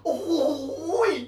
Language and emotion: Thai, happy